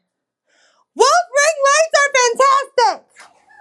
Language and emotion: English, angry